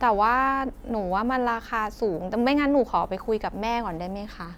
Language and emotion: Thai, neutral